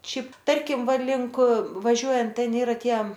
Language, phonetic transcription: Lithuanian, ˈšiaip ˈtarkim ˈva ˈlink vaˈžiuojant ˈten ˈyra ˈtie

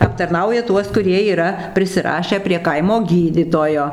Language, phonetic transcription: Lithuanian, aptarˈnauja ˈtuos kuˈrie yˈra prisiˈrašę prie ˈkaimo ˈgydytojo

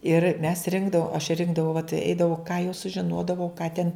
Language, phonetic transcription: Lithuanian, ir mes ˈrinkdavom aš ˈrinkdavau vat ˈeidavau ką jau sužiˈnodavau ką ten

